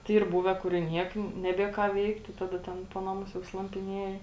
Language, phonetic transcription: Lithuanian, tai ˈyr ˈbūve kur i ˈniek neˈbie ką ˈveikti ˈtada ˈten ˈpo naˌmus jau slampiˈnieji

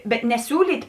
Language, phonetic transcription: Lithuanian, bet neˈsiūlyt'

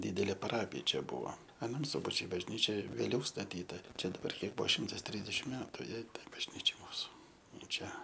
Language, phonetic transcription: Lithuanian, ˈdydelė paˈrapija ˈčia ˈbuvo aˈnam ˈsubačiui bažˈnyčia vėˈliau staˈtyta ˈčia daˈbar ˈkiek ˈbuvo ˈšimtas ˈtrisdešim ˈmetu ˈjai ˈtai bažˈnyčiai ˈmūsu ˈnu ˈčia

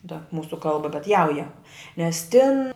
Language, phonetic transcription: Lithuanian, ta ˈmūsu ˈkalba bet ˈjauja nes tin

